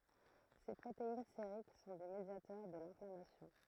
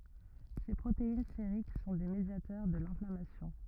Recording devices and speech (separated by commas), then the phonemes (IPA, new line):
throat microphone, rigid in-ear microphone, read sentence
se pʁotein seʁik sɔ̃ de medjatœʁ də lɛ̃flamasjɔ̃